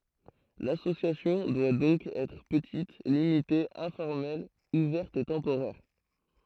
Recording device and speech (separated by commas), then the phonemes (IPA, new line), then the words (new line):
throat microphone, read sentence
lasosjasjɔ̃ dwa dɔ̃k ɛtʁ pətit limite ɛ̃fɔʁmɛl uvɛʁt e tɑ̃poʁɛʁ
L'association doit donc être petite, limitée, informelle, ouverte et temporaire.